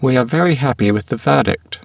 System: VC, spectral filtering